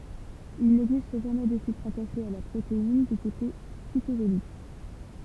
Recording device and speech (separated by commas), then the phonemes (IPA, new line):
temple vibration pickup, read sentence
il nɛɡzist ʒamɛ də sykʁ ataʃe a la pʁotein dy kote sitozolik